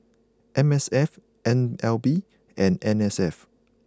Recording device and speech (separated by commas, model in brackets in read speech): close-talking microphone (WH20), read sentence